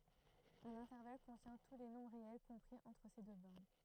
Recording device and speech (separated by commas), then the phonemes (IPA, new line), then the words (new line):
throat microphone, read sentence
œ̃n ɛ̃tɛʁval kɔ̃tjɛ̃ tu le nɔ̃bʁ ʁeɛl kɔ̃pʁi ɑ̃tʁ se dø bɔʁn
Un intervalle contient tous les nombres réels compris entre ces deux bornes.